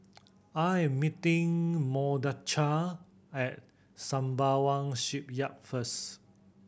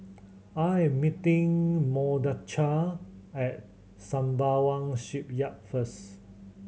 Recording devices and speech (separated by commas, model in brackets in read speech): boundary microphone (BM630), mobile phone (Samsung C7100), read sentence